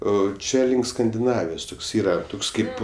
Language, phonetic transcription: Lithuanian, ˈo ˈčia link skandiˈnavijos ˈtoks ˈyra ˈtoks ˈkaip

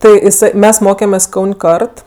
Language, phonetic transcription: Lithuanian, ˈtɜ iˈsɜ ˈmes ˈmokemės' ˈkaun' ˈkart

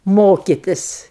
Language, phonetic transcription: Lithuanian, ˈmokitis

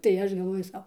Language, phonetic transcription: Lithuanian, tai ˈaš galˈvoju ˈsau

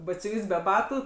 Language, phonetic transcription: Lithuanian, batsiuˈvys be ˈbatu

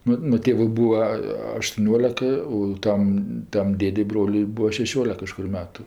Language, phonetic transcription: Lithuanian, ˈnu nu ˈtėvui ˈbūva aštuˈniolek o ˈtam tam ˈdėdei ˈbroliui ˈbūa šeˈšiolek kažˈkur ˈmetu

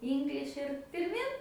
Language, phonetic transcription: Lithuanian, ˈyngliš' ir pirˈmin

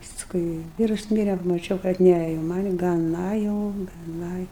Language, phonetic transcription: Lithuanian, pasˈkui ˈvyrus ˈmyre maˈčiau kad ˈne jau ˈman' gaˈna jau gaˈna

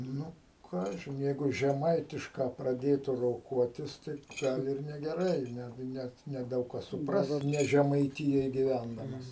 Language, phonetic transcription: Lithuanian, ˈnu ˈkažin ˈjeigu žeˈmaitiškā praˈdėtu roˈkuotis ˈtai ˈgal ir negeˈrai ˈne ˈnet neˈdaug kas suˈpras ˈkur ˈne žemaiˈtijoj giˈvændamas

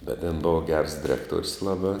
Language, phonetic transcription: Lithuanian, bet tėn ˈbova gers diˈrektuor's ˈlabā

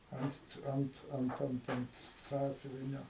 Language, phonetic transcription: Lithuanian, ˈant ˈant ˈant ˈant ant ˈsąsiuvinio

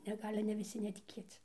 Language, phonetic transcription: Lithuanian, ne ˈgali ne viˈsi netiˈkėc

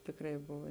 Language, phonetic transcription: Lithuanian, ˈtikrai ˈbuva

